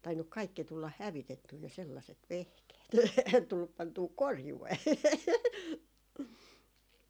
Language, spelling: Finnish, tainnut kaikki tulla hävitettyä ne sellaiset vehkeet ei tullut pantua korjuun
- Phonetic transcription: tainnuk 'kaikki tullah "hävitettyy ne sellaset "vehkeet (ei) 'tullup pantuu "korjuwee .

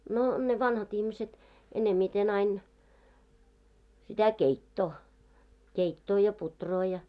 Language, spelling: Finnish, no ne vanhat ihmiset enemmiten aina sitä keittoa keittoa ja puuroa ja
- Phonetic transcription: no , ne 'vanha't ‿ihmiset , enemmiten ‿ain , 'sitä "keittoo , 'keittoo ja 'putroo ja .

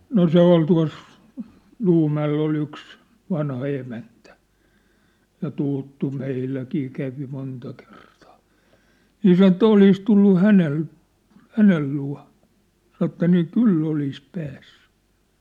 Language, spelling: Finnish, no se oli tuossa Luumäellä oli yksi vanha emäntä ja tuttu meilläkin kävi monta kertaa niin sanoi että olisi tullut hänen hänen luo sanoi että niin kyllä olisi päässyt
- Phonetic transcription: no 'se ‿ol tua̭s , 'ʟuumä₍ell ‿ol ‿yks , 'vanha 'emäntᴀ̈ , ja 'tûttu 'meilläkii kävi 'monta 'kertᴀᴀ , 'nii sano että 'olis tullu "hänel̳ , "hänel 'lua̭ , sano että nii "kyl'l ‿olis 'päässʏ !

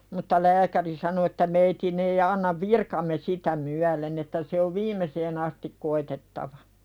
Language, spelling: Finnish, mutta lääkäri sanoi että meidän ei anna virkamme sitä myöden että se on viimeiseen asti koetettava
- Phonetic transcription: mutta "lääkäri sano että » meitin ‿ei annav "virkamme 'sitä myälen « että » se ov "viimeseen ‿astik 'koitettava « .

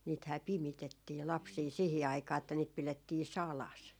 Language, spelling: Finnish, niitähän pimitettiin lapsia siihen aikaan että niitä pidettiin salassa
- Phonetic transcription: niithää "pimitettii 'lapsii 'sihi aikaa että niit 'pilettii "salas .

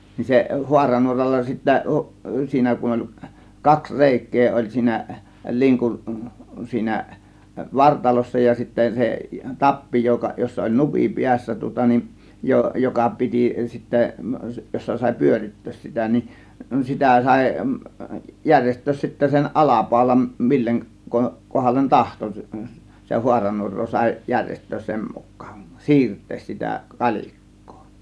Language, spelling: Finnish, niin se haaranuoralla sitten siinä kun oli kaksi reikää oli siinä linkun siinä vartalossa ja sitten se tappi joka jossa oli nupin päässä tuota niin - joka piti sitten jossa sai pyörittää sitä niin sitä sai järjestää sitten sen alapaulan mille - kohdalle tahtoi - - - haaranuoraa sai järjestää sen mukaan siirtää sitä kalikkaa
- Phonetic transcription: ni se 'huaranuoralla sittä , 'siinä kun oĺ , 'kaks "rèik̆kee 'oĺ siinä , 'liŋkun , 'siinä , "vartalossa ja , sittä 'se , "tappi joka 'jossa oĺ "nupi 'piässä tŭŏta nin , jo- , 'joka 'piti sittä , 'jossa sàė "pyörit̀töös sitä nin , 'sitä 'sàė , 'jäŕjest̆töös sittä sen "ˀalapàȯlan , 'milleŋ ko- , 'kohallen "tahto , s- s- se- 'huaranuor̆roo sàė 'jäŕjest̆töös 'sem muk̆kAAN , "siirt̆tees sitä "kal͕ik̀kOO .

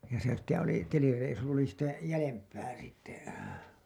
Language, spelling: Finnish, ja se sitten oli telireissu oli sitä jäljempää sitten
- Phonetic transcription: ja se sitte oli , "telireisu oli sitä , 'jälemp̀ä sitte .

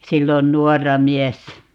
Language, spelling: Finnish, silloin nuorena miehenä
- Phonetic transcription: 'sillon "nuɔrra 'miɛssä .

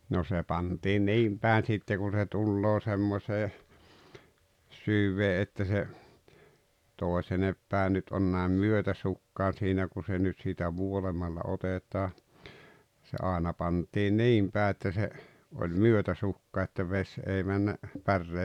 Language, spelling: Finnish, no se pantiin niin päin sitten kuin se tulee semmoiseen syvään että se toisin päin nyt on näin myötäsukaan siinä kun se nyt siitä vuolemalla otetaan se aina pantiin niin pää että se oli myötäsukaan että vesi ei mennyt päreen
- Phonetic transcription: no se 'pantii "niim pä̀en 'sitte kun se 'tulloo semmosee , 'syvvee että se , 'toesenep pä̀e 'nyt on nä̀em "myötäsukkaan 'siinä ku se nyt siitä "vuolemalla 'otet̀aa , se 'àena pant̀ii "niim pää että se , oĺ "myötäsukká että 'veś ei männa , 'pärree ,.

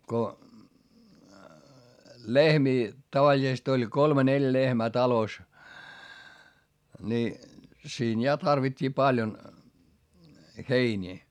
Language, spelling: Finnish, kun lehmiä tavallisesti oli kolme neljä lehmää talossa niin siinä ja tarvittiin paljon heiniä
- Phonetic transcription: ko , lehmii , tavaĺisest ‿oĺ kolme neljᵃ̈ lehmää talos , ni , siin ja tarvit́t́ii paljon , heińii .

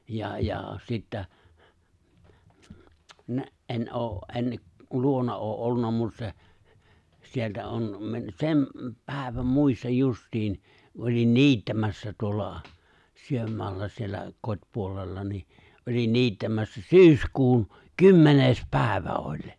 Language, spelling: Finnish, ja ja sitä en ole en luona ole - ollut mutta se sieltä on - sen päivän muistan justiin olin niittämässä tuolla sydänmaalla siellä kotipuolella niin olin niittämässä syyskuun kymmenes päivä olin
- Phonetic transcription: 'ja ja , 'sittä , '’en '’oo , '’en , 'luona ’oo ’ '’ollun̆na 'mut se , sieltä on , me- 'sem , 'pä̀iväm 'muistaj 'just̀iin , olin 'ni̬ittämässä tuolla , 'syömmoalla siellä , 'kot́puolella ni , olin 'ni̬ittämässä "syyskuun , "kymmeneⁱs 'pä̀i̬vä oĺ .

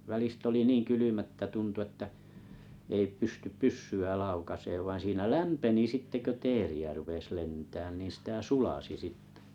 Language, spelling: Finnish, välistä oli niin kylmä että tuntui että ei pysty pyssyä laukaisemaan vaan siinä lämpeni sitten kun teeriä rupesi lentämään niin sitä sulasi sitten
- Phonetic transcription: 'välist ‿oli 'niiŋ 'kylymä ‿ttä 'tuntu että , ei 'pystyp "pyssy₍ä 'laukaseev vain 'siinä "lämpeni 'sitte kö "teeri₍ä rupes 'lentään niin̬ 'sitä 'sulasi "sittᴇ .

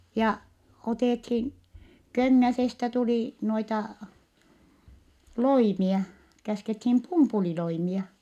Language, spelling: Finnish, ja otettiin Köngäsestä tuli noita loimia käskettiin pumpuliloimia
- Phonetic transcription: ja , otèthin , Köŋŋäsestä tulì , noita , loimia , käskethim pumpuliloimia .

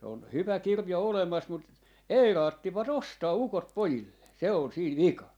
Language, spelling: Finnish, se on hyvä kirja olemassa mutta ei raatsivat ostaa ukot pojilleen se on siinä vikana
- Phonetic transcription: se on , 'hyvä 'kirja 'olemas mut , "ei 'raattiva"t ‿ostaa 'ukot "pojillee , 'se on 'siin "vikan .

